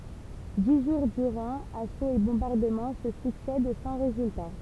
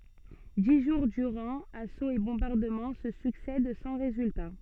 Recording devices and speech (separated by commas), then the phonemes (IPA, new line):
temple vibration pickup, soft in-ear microphone, read sentence
di ʒuʁ dyʁɑ̃ asoz e bɔ̃baʁdəmɑ̃ sə syksɛd sɑ̃ ʁezylta